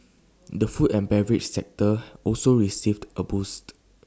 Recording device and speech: standing microphone (AKG C214), read sentence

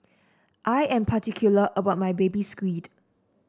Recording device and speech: standing microphone (AKG C214), read sentence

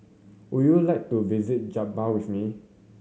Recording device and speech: mobile phone (Samsung C7100), read sentence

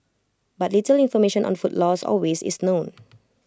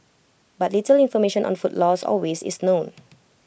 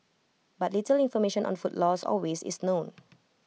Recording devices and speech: close-talking microphone (WH20), boundary microphone (BM630), mobile phone (iPhone 6), read sentence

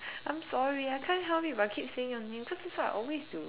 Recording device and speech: telephone, conversation in separate rooms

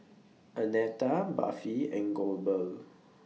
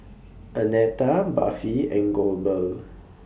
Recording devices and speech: mobile phone (iPhone 6), boundary microphone (BM630), read sentence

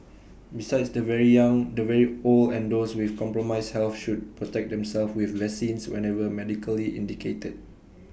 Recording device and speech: boundary microphone (BM630), read sentence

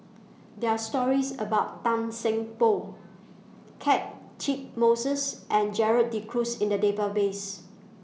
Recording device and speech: mobile phone (iPhone 6), read sentence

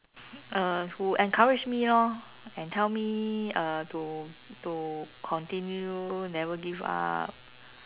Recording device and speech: telephone, conversation in separate rooms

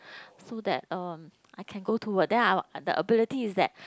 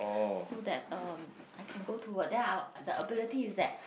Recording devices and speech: close-talking microphone, boundary microphone, conversation in the same room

